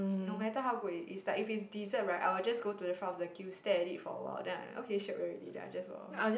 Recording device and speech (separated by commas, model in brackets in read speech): boundary microphone, conversation in the same room